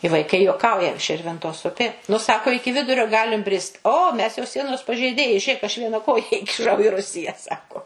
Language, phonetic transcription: Lithuanian, i vaiˈkai juoˈkauja ˈširvintos ˈupė nu ˈsako ˈiki ˈvidurio ˈgalim ˈbrist o ˈmes jau ˈsienos pažeiˈdėjai ˈžėk ˈaš ˈviena ˈkoja ikiˈšau i ˈrusija ˈsako

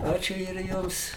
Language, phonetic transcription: Lithuanian, ˈačiu ir ˈjums

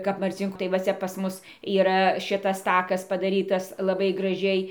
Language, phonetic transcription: Lithuanian, kap marˈcinkų tai va ˈcia pas ˈmus yˈra ˈšitas ˈtakas padaˈrytas laˈbai graˈžiai

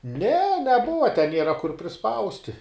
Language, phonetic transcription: Lithuanian, ne neˈbuva te ˈniera kur priˈspausti

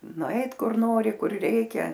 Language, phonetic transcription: Lithuanian, nuˈait ˈkur ˈnori ˈkur ˈreikia

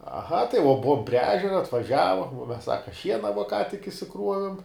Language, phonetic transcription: Lithuanian, aˈha tai vuo ˈbuvom prie ˈežera atvaˈžiavom uo mes ˈsaka ˈšiena vuo ką tik išsiˈkruovim

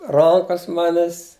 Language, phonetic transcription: Lithuanian, ˈrankas ˈmanes

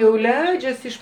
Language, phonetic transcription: Lithuanian, jau ˈleidžias iš

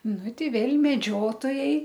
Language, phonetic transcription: Lithuanian, ˈnu ˈtei ˈvėl' meˈdžiotojai

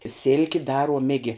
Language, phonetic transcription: Lithuanian, ˈsilki ˈdaruom ˈigi

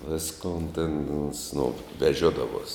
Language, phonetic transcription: Lithuanian, ˈviskon ten ons no veˈžiodavuos

